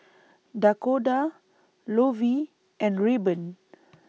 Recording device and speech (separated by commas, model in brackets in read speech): mobile phone (iPhone 6), read sentence